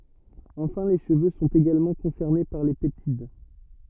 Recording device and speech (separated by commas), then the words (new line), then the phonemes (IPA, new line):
rigid in-ear microphone, read sentence
Enfin les cheveux sont également concernés par les peptides.
ɑ̃fɛ̃ le ʃəvø sɔ̃t eɡalmɑ̃ kɔ̃sɛʁne paʁ le pɛptid